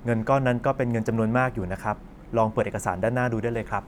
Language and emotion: Thai, neutral